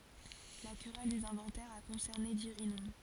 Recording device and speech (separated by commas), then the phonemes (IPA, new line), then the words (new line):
forehead accelerometer, read sentence
la kʁɛl dez ɛ̃vɑ̃tɛʁz a kɔ̃sɛʁne diʁinɔ̃
La querelle des inventaires a concerné Dirinon.